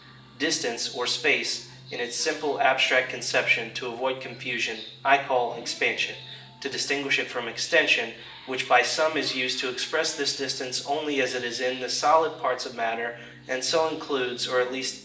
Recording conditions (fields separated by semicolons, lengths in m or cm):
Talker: one person; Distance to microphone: 1.8 m; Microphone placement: close; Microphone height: 1.0 m; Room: large; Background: television